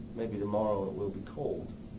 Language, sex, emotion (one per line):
English
male
neutral